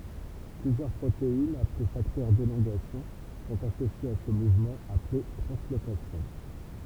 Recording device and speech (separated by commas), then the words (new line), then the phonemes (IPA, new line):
temple vibration pickup, read sentence
Plusieurs protéines, appelées facteurs d'élongation, sont associées à ce mouvement, appelé translocation.
plyzjœʁ pʁoteinz aple faktœʁ delɔ̃ɡasjɔ̃ sɔ̃t asosjez a sə muvmɑ̃ aple tʁɑ̃slokasjɔ̃